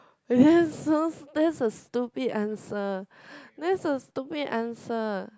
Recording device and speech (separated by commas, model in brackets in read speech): close-talking microphone, conversation in the same room